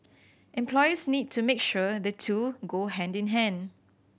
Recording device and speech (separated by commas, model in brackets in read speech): boundary microphone (BM630), read sentence